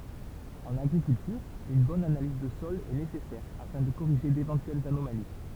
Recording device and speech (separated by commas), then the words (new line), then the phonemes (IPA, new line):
temple vibration pickup, read sentence
En agriculture, une bonne analyse de sol est nécessaire afin de corriger d'éventuelles anomalies.
ɑ̃n aɡʁikyltyʁ yn bɔn analiz də sɔl ɛ nesɛsɛʁ afɛ̃ də koʁiʒe devɑ̃tyɛlz anomali